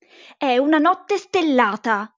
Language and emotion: Italian, angry